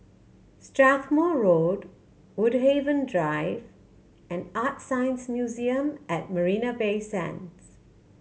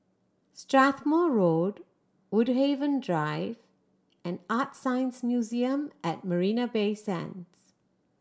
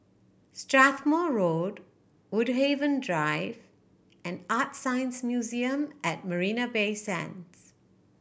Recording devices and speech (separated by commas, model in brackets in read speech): mobile phone (Samsung C7100), standing microphone (AKG C214), boundary microphone (BM630), read sentence